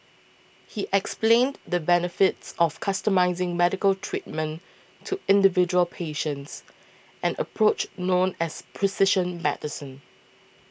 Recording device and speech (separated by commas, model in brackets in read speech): boundary microphone (BM630), read sentence